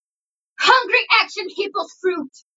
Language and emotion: English, angry